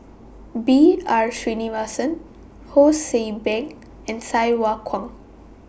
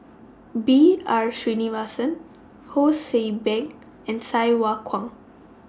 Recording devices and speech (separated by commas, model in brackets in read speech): boundary microphone (BM630), standing microphone (AKG C214), read sentence